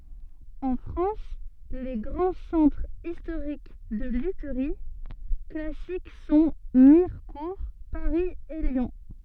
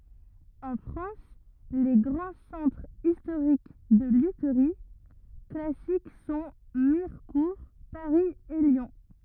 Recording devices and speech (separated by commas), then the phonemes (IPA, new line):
soft in-ear microphone, rigid in-ear microphone, read sentence
ɑ̃ fʁɑ̃s le ɡʁɑ̃ sɑ̃tʁz istoʁik də lytʁi klasik sɔ̃ miʁkuʁ paʁi e ljɔ̃